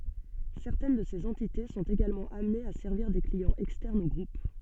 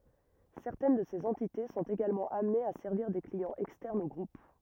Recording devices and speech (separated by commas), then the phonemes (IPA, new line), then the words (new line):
soft in-ear microphone, rigid in-ear microphone, read sentence
sɛʁtɛn də sez ɑ̃tite sɔ̃t eɡalmɑ̃ amnez a sɛʁviʁ de kliɑ̃z ɛkstɛʁnz o ɡʁup
Certaines de ces entités sont également amenées à servir des clients externes au groupe.